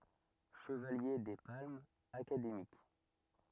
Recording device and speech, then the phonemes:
rigid in-ear microphone, read sentence
ʃəvalje de palmz akademik

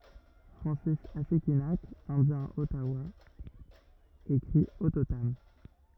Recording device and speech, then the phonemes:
rigid in-ear microphone, read sentence
fʁɑ̃sis asikinak ɛ̃djɛ̃ ɔtawa ekʁi ɔtotam

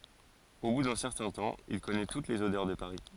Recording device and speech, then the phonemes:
forehead accelerometer, read sentence
o bu dœ̃ sɛʁtɛ̃ tɑ̃ il kɔnɛ tut lez odœʁ də paʁi

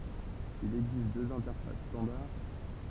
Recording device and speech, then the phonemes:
temple vibration pickup, read sentence
il ɛɡzist døz ɛ̃tɛʁfas stɑ̃daʁ

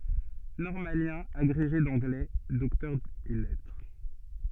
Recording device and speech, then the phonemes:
soft in-ear microphone, read sentence
nɔʁmaljɛ̃ aɡʁeʒe dɑ̃ɡlɛ dɔktœʁ ɛs lɛtʁ

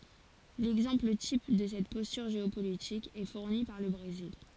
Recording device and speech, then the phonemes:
forehead accelerometer, read sentence
lɛɡzɑ̃pl tip də sɛt pɔstyʁ ʒeopolitik ɛ fuʁni paʁ lə bʁezil

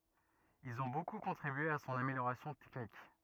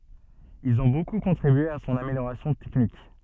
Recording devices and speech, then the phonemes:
rigid in-ear microphone, soft in-ear microphone, read sentence
ilz ɔ̃ boku kɔ̃tʁibye a sɔ̃n ameljoʁasjɔ̃ tɛknik

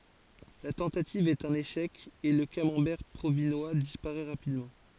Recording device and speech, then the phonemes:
forehead accelerometer, read sentence
la tɑ̃tativ ɛt œ̃n eʃɛk e lə kamɑ̃bɛʁ pʁovinwa dispaʁɛ ʁapidmɑ̃

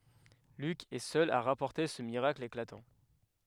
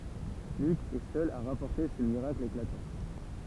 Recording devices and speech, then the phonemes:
headset microphone, temple vibration pickup, read sentence
lyk ɛ sœl a ʁapɔʁte sə miʁakl eklatɑ̃

